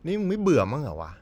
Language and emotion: Thai, frustrated